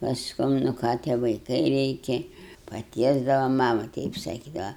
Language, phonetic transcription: Lithuanian, pasˈkum nu ˈką tie vaiˈkai ˈreikia paˈtiesdava ˈmama ˈteip saˈkydava

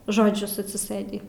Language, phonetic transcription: Lithuanian, žoˈdžius atsiˈsɘdį

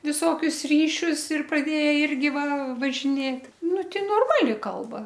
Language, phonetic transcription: Lithuanian, viˈsokius ˈryšius ir praˈdėja ˈirgi ˈva važiˈnėt ˈnu ˈti norˈmali ˈkalba

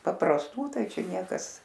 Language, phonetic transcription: Lithuanian, paprasˈtų ˈtai ˈčia ˈniekas

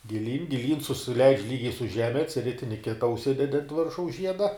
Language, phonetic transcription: Lithuanian, giˈlyn giˈlyn susiˈleidž' ˈlygiai su ˈžeme atsˈritini ˈkita užˈsidedi ant ˈviršaus ˈžieda

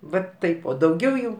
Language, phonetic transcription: Lithuanian, ˈvat ˈtaip o dauˈgiau jau

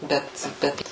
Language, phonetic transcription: Lithuanian, ˈbet ˈbet

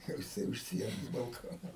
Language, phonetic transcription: Lithuanian, ˈjau jiˈsai už ˈsienos balˈkonas

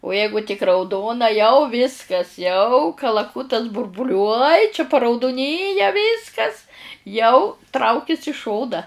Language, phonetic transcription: Lithuanian, u ˈjeigu tik rauˈdona jau ˈviskas jau kalaˈkutas burbuˈliuoj čia parauduˈnyja ˈviskas jau ˈtraukis i ˈšona

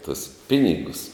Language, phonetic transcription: Lithuanian, tus ˈpinigus

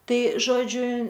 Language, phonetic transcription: Lithuanian, ˈtai ˈžodžiu

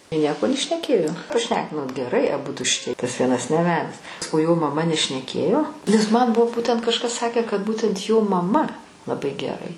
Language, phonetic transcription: Lithuanian, i ˈnieko nešneˈkėjo praˈšnekinot geˈrai aˈbudu šiˈtie tas ˈvienas neˈvedes o jo maˈma nešneˈkėjo nes ˈman ˈbuvo ˈbūtent ˈkažkas ˈsakę kad ˈbūtent jo maˈma laˈbai geˈrai

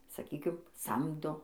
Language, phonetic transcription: Lithuanian, saˈkykim ˈsamdo

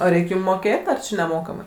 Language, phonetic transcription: Lithuanian, o ˈreik' ˈjūm ˈmokėt' ar neˈmokamai

